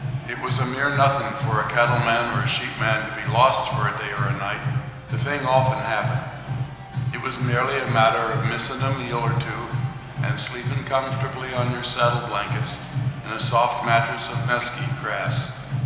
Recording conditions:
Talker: one person; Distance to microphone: 1.7 m; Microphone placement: close; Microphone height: 1.0 m; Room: very reverberant, large; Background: music

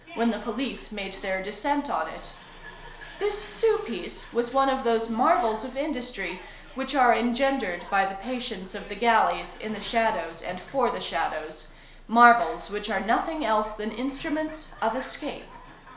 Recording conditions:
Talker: one person; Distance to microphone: 1.0 m; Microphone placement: close; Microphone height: 1.1 m; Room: small (3.7 m by 2.7 m); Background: television

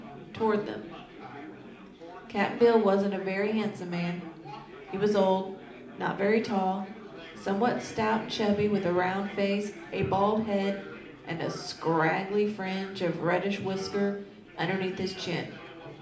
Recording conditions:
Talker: one person; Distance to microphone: 2.0 m; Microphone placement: close; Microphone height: 99 cm; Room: medium-sized (5.7 m by 4.0 m); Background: babble

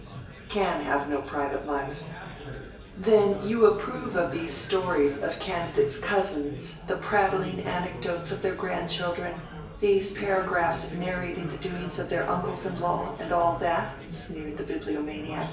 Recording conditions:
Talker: one person; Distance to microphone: 1.8 m; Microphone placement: close; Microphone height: 1.0 m; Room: large; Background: babble

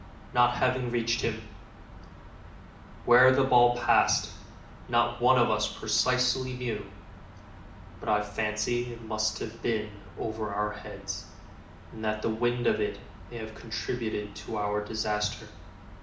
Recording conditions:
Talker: one person; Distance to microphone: 2.0 m; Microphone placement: close; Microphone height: 99 cm; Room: medium-sized (5.7 m by 4.0 m); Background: none

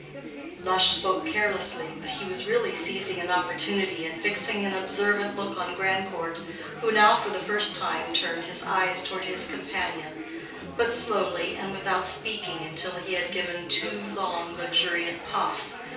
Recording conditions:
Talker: one person; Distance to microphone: 3.0 m; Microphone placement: far; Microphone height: 1.8 m; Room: small (3.7 m by 2.7 m); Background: babble

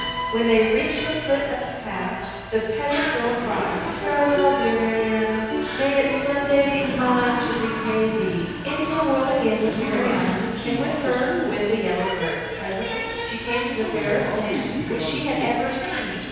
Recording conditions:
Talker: one person; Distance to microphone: 7.1 m; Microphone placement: far; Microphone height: 1.7 m; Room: very reverberant, large; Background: television

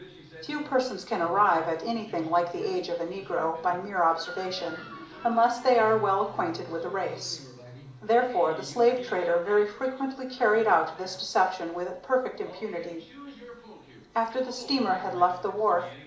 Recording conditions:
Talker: one person; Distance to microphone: 2.0 m; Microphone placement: close; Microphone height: 99 cm; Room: medium-sized (5.7 m by 4.0 m); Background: television

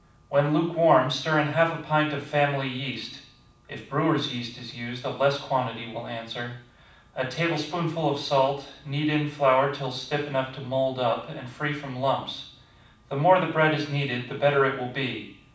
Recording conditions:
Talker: one person; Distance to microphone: 5.8 m; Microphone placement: far; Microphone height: 1.8 m; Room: medium-sized (5.7 m by 4.0 m); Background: none

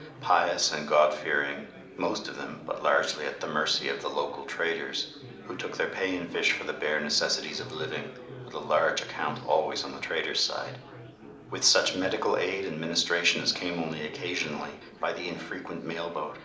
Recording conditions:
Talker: one person; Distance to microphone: 2.0 m; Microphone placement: close; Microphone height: 99 cm; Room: medium-sized (5.7 m by 4.0 m); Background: babble

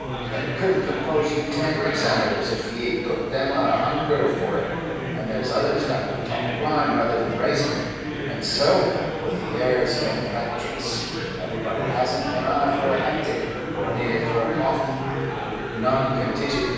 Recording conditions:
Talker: one person; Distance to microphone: 7.1 m; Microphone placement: far; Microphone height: 1.7 m; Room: very reverberant, large; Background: babble

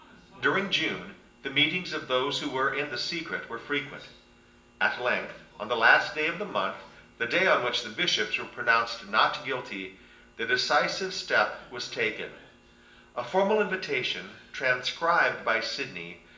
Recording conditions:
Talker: one person; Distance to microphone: 1.8 m; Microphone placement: close; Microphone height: 1.0 m; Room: large; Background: television

